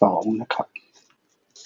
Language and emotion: Thai, frustrated